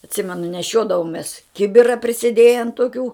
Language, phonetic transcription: Lithuanian, atˈsimenu neˈšiodavomės ˈkibira prisėˈdėjen toˈkių

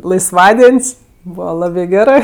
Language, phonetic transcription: Lithuanian, laisˈvadien's' ˈbūva ˈlabɜ ˈgerɜ

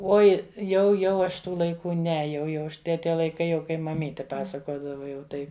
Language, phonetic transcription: Lithuanian, ˈoi jau ˈjau aš ˈtų laiˈkų ˈne ˈjau jau ˈaš ˈte ˈtie laiˈkai kai maˈmyti ˈpasakodava jau ˈtai

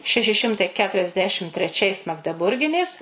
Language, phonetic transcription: Lithuanian, ˈšeši ˈšimtai ˌketuriasˈdešim treˈčiais magdeˈburginės

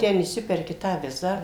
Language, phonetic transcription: Lithuanian, ˈten išˈsiperki ˈtą ˈvizą

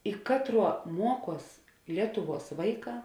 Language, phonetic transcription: Lithuanian, i ˈkatˌruo ˈmuoˌkuos ˈlietuˌvuos ˈvaiˌkā

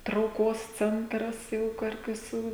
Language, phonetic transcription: Lithuanian, trauˈkos ˈcentras jau ˈkur viˈsų

